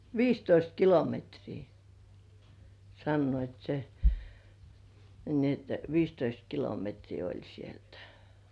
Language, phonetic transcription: Finnish, 'viistoist "kilometrii , sannoit se , ni ‿et "viistoist 'kilometrii oĺ sieltᴀ̈ .
- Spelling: viisitoista kilometriä sanoivat sen niin että viisitoista kilometriä oli sieltä

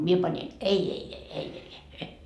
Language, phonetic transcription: Finnish, mie pańin , "ei ei ei , "ei ei ei "e .
- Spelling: minä panin ei ei ei ei ei ei e

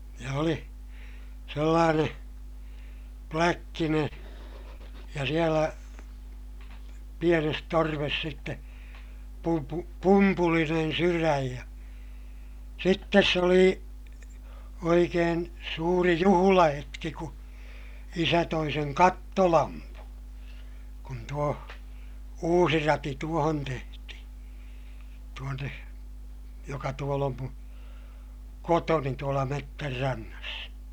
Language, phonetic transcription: Finnish, ja oli , sellaaneè , pläkkineè , ja sielä , pienes torves sitte , pumpu- , pumpulinen syräj ja , sittes se oli , oikeen , suuri juhulahetki ku , isä toi seŋ kattolampu , kun tuo , uusi rati tuohon tehtihI , tuonne , joka tuol ‿om mun̬ , kotoni tuola mettärrannas .
- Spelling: ja oli sellainen pläkkinen ja siellä pienessä torvessa sitten - pumpulinen sydän ja sitten se oli oikein suuri juhlahetki kun isä toi sen kattolampun kun tuo uusi rati tuohon tehtiin tuonne joka tuolla on minun kotoni tuolla metsänrannassa

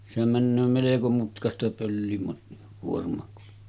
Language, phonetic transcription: Finnish, sehäm männöö meleko mutkasta 'pöllimat- , -'kuorm̀àek kun ,.
- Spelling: sehän menee melko mutkaista - pöllikuorma kun

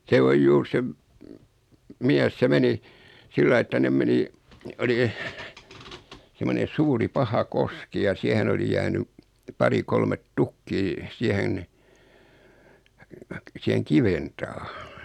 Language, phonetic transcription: Finnish, se 'oj "juur 'se m- , 'miäs 'se meni , 'sillai että 'nem meni , 'oli , 'semone 'suuri 'paha 'koski ja 'siähen oli 'jääny , 'pari 'kolmet "tukkii , 'siähen , 'siheŋ "kiven taa .
- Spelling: se on juuri se - mies se meni sillä lailla että ne meni oli semmoinen suuri paha koski ja siihen oli jäänyt pari kolme tukkia siihen siihen kiven taa

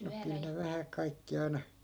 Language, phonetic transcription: Finnish, no 'kyl ne 'vähä 'kaikki ai̮na ,.
- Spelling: no kyllä ne vähän kaikki aina

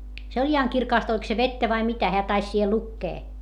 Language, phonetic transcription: Finnish, se oĺ ihaŋ kirkàst oĺk se vettä vai mitä - heä tais siihe lukkee .
- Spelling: se oli ihan kirkasta oliko se vettä vai mitä hän taisi siihen lukea

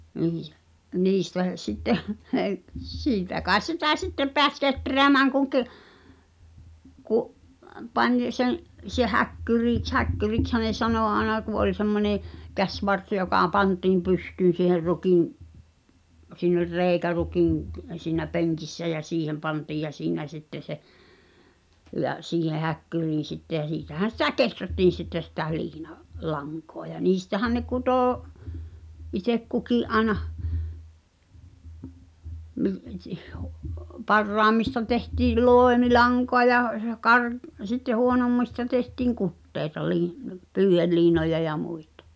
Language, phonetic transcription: Finnish, 'niij , 'niistä , sitteh , "siitä kaes 'sitä "sittep̆ peäs 'ketreämääŋ kuŋ ki̬- , 'ku’ , 'pań sen̬ , se 'häkkyrìks , "häkkyrikshä ne 'sanò 'aena ku ’oĺ 'semmonè , "käśvars joka 'pantiim 'pystyyn̬ siiher 'rukim , siin ‿ol "rèi̬kä 'rukiŋ k- , siinä "peŋkissä ʲä 'siihem 'pantiij ja 'siinä sitte se , ja , siihe 'häkkyriin̬ sitte ʲä 'siitähän̬ sitä "keträttiin̬ sitte sitä 'liina- , -"laŋkoa ʲa 'niistähän ne "kutò , itek 'kuki’ ’aenah , , 'parraammista tehtii "lòemilaŋkoa ja , ja 'kar- , sitte 'huonommista tehtiiŋ "kuttèi̬ta lii- , 'pyyʰelliinoja ja 'muitᴀ .
- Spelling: niin niistä sitten siitä kai sitä sitten pääsi kehräämään kun - - pani sen se häkkyriksi häkkyriksihän ne sanoi aina kun oli semmoinen käsivarsi joka pantiin pystyyn siihen rukin siinä oli reikä rukin - siinä penkissä ja siihen pantiin ja siinä sitten se ja siihen häkkyriin sitten ja siitähän sitä kehrättiin sitten sitä - liinalankaa ja niistähän ne kutoi itse kukin aina parhaimmista tehtiin loimilankaa ja ja - sitten huonommista tehtiin kuteita - pyyheliinoja ja muita

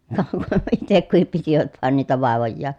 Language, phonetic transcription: Finnish, (kah , ku-) , itek kuhip pitivät vàen niitä vàevojjaan̬ .
- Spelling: ka - itse kukin pitivät vain niitä vaivojaan

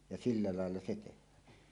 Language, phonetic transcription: Finnish, ja silla làella se teh̆hään .
- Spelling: ja sillä lailla se tehdään

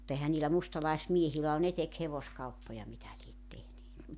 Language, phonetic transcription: Finnish, 'mutta ehä niilä 'mustalaismiehilä o 'ne tek 'hevoskauppoja 'mitä liet tehneet .
- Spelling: mutta eihän niillä mustalaismiehillä ole ne teki hevoskauppoja mitä lie tehneet

